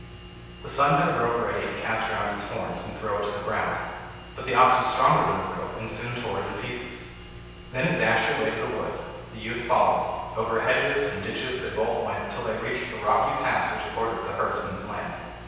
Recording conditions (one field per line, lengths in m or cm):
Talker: one person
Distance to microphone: 7.1 m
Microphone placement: far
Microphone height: 1.7 m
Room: very reverberant, large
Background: none